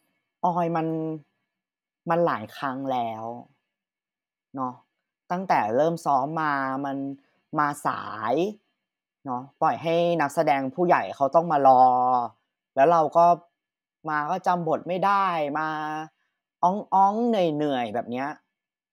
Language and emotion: Thai, frustrated